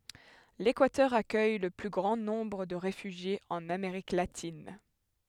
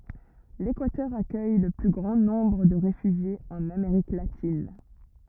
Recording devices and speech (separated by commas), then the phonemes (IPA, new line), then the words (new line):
headset microphone, rigid in-ear microphone, read sentence
lekwatœʁ akœj lə ply ɡʁɑ̃ nɔ̃bʁ də ʁefyʒjez ɑ̃n ameʁik latin
L'Équateur accueille le plus grand nombre de réfugiés en Amérique latine.